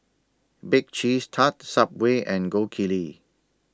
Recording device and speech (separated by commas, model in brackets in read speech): standing microphone (AKG C214), read sentence